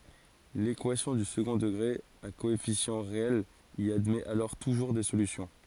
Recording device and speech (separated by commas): forehead accelerometer, read sentence